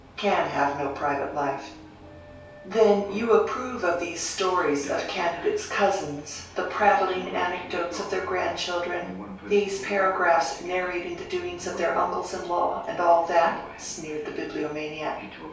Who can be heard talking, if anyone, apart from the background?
One person.